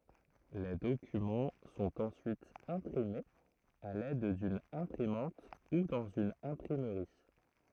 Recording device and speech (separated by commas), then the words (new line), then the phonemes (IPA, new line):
throat microphone, read sentence
Les documents sont ensuite imprimés à l'aide d'une imprimante ou dans une imprimerie.
le dokymɑ̃ sɔ̃t ɑ̃syit ɛ̃pʁimez a lɛd dyn ɛ̃pʁimɑ̃t u dɑ̃z yn ɛ̃pʁimʁi